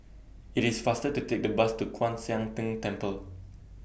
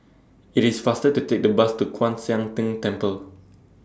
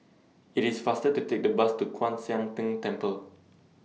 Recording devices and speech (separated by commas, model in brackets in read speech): boundary microphone (BM630), standing microphone (AKG C214), mobile phone (iPhone 6), read sentence